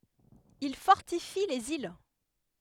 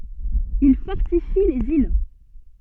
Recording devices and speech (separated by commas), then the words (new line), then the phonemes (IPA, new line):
headset microphone, soft in-ear microphone, read sentence
Ils fortifient les îles.
il fɔʁtifi lez il